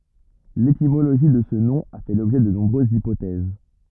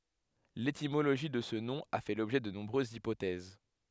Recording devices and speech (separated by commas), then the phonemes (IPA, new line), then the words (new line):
rigid in-ear microphone, headset microphone, read sentence
letimoloʒi də sə nɔ̃ a fɛ lɔbʒɛ də nɔ̃bʁøzz ipotɛz
L'étymologie de ce nom a fait l'objet de nombreuses hypothèses.